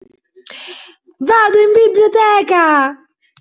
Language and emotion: Italian, happy